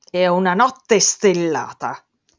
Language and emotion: Italian, angry